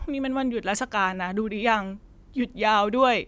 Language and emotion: Thai, sad